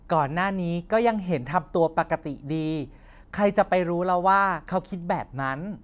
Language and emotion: Thai, neutral